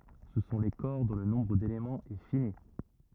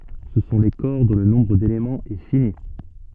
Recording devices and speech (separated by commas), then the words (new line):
rigid in-ear microphone, soft in-ear microphone, read sentence
Ce sont les corps dont le nombre d'éléments est fini.